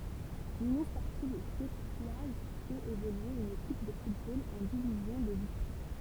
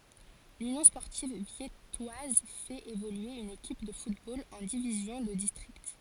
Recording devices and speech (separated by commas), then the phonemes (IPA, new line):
temple vibration pickup, forehead accelerometer, read sentence
lynjɔ̃ spɔʁtiv vjɛtwaz fɛt evolye yn ekip də futbol ɑ̃ divizjɔ̃ də distʁikt